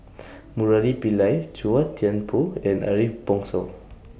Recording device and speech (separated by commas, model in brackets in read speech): boundary microphone (BM630), read sentence